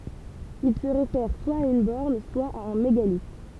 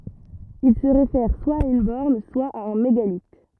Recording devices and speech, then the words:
temple vibration pickup, rigid in-ear microphone, read sentence
Il se réfère soit à une borne, soit à un mégalithe.

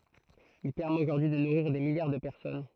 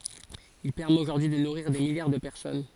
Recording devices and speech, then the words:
throat microphone, forehead accelerometer, read sentence
Il permet aujourd'hui de nourrir des milliards de personnes.

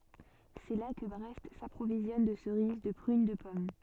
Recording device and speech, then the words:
soft in-ear microphone, read sentence
C'est là que Brest s'approvisionne de cerises, de prunes, de pommes.

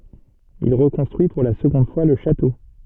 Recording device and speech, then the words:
soft in-ear microphone, read sentence
Il reconstruit pour la seconde fois le château.

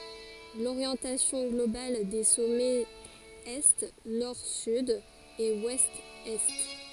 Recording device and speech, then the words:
forehead accelerometer, read sentence
L'orientation globale des sommets est Nord-Sud et Ouest-Est.

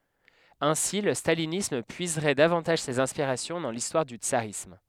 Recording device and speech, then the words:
headset microphone, read sentence
Ainsi, le stalinisme puiserait davantage ses inspirations dans l'histoire du tsarisme.

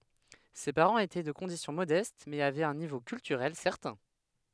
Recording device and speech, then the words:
headset microphone, read sentence
Ses parents étaient de condition modeste mais avaient un niveau culturel certain.

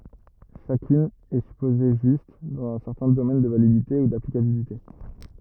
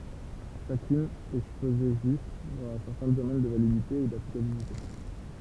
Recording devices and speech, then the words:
rigid in-ear microphone, temple vibration pickup, read sentence
Chacune est supposée juste, dans un certain domaine de validité ou d'applicabilité.

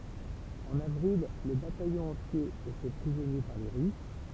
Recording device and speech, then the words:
temple vibration pickup, read sentence
En avril, le bataillon entier est fait prisonnier par les Russes.

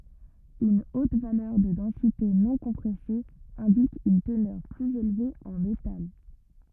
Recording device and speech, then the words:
rigid in-ear microphone, read sentence
Une haute valeur de densité non-compressée indique une teneur plus élevée en métal.

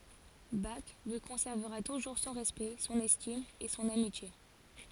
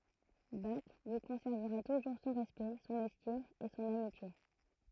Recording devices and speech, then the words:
forehead accelerometer, throat microphone, read sentence
Bach lui conservera toujours son respect, son estime et son amitié.

